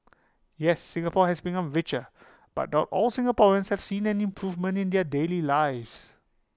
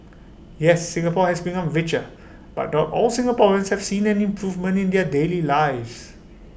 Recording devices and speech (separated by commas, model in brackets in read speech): close-talking microphone (WH20), boundary microphone (BM630), read sentence